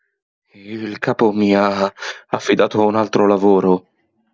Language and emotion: Italian, fearful